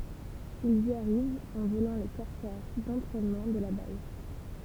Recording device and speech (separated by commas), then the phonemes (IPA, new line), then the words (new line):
temple vibration pickup, read sentence
ilz i aʁivt ɑ̃ volɑ̃ le kɔʁsɛʁ dɑ̃tʁɛnmɑ̃ də la baz
Ils y arrivent en volant les Corsair d'entraînement de la base.